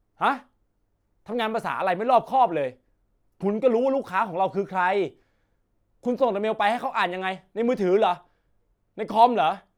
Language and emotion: Thai, angry